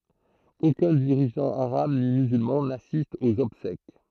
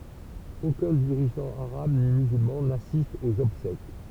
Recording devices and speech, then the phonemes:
throat microphone, temple vibration pickup, read sentence
okœ̃ diʁiʒɑ̃ aʁab ni myzylmɑ̃ nasist oz ɔbsɛk

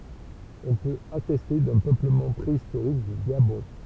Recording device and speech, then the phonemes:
temple vibration pickup, read sentence
ɔ̃ pøt atɛste dœ̃ pøpləmɑ̃ pʁeistoʁik dy ɡabɔ̃

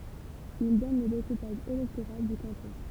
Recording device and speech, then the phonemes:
temple vibration pickup, read sentence
il dɔn lə dekupaʒ elɛktoʁal dy kɑ̃tɔ̃

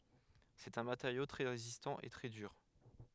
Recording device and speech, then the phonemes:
headset microphone, read sentence
sɛt œ̃ mateʁjo tʁɛ ʁezistɑ̃ e tʁɛ dyʁ

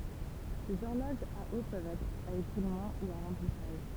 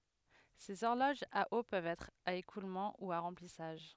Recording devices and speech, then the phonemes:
temple vibration pickup, headset microphone, read sentence
sez ɔʁloʒz a o pøvt ɛtʁ a ekulmɑ̃ u a ʁɑ̃plisaʒ

